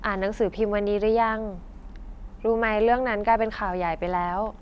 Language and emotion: Thai, neutral